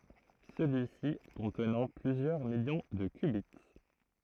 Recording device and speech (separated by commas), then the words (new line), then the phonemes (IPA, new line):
throat microphone, read sentence
Celui-ci contenant plusieurs millions de qubits.
səlyi si kɔ̃tnɑ̃ plyzjœʁ miljɔ̃ də kbi